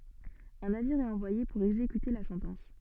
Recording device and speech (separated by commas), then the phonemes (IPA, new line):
soft in-ear microphone, read sentence
œ̃ naviʁ ɛt ɑ̃vwaje puʁ ɛɡzekyte la sɑ̃tɑ̃s